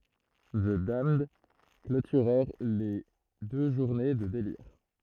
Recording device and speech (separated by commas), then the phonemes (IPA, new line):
throat microphone, read sentence
zə damnd klotyʁɛʁ le dø ʒuʁne də deliʁ